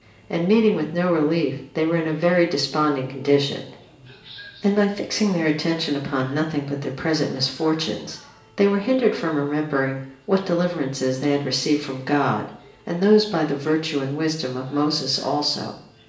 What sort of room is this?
A large space.